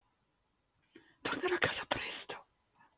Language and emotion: Italian, fearful